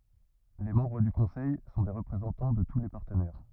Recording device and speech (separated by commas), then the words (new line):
rigid in-ear microphone, read sentence
Les membres du Conseil sont des représentants de tous les partenaires.